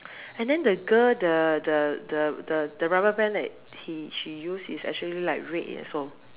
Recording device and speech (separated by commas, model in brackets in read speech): telephone, conversation in separate rooms